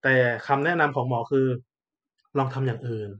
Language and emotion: Thai, neutral